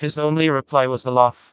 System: TTS, vocoder